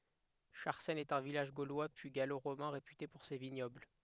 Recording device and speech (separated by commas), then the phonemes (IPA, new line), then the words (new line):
headset microphone, read sentence
ʃaʁsɛn ɛt œ̃ vilaʒ ɡolwa pyi ɡalo ʁomɛ̃ ʁepyte puʁ se viɲɔbl
Charcenne est un village gaulois puis gallo-romain réputé pour ses vignobles.